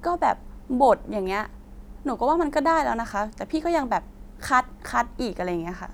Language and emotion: Thai, frustrated